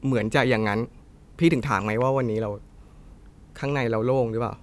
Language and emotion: Thai, neutral